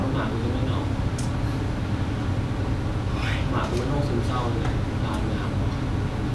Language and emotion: Thai, sad